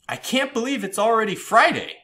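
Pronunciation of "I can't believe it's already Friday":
The pitch goes up in 'I can't believe it's already Friday', and the tone expresses surprise or excitement.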